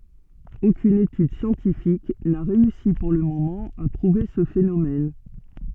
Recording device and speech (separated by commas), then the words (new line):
soft in-ear microphone, read sentence
Aucune étude scientifique n’a réussi pour le moment à prouver ce phénomène.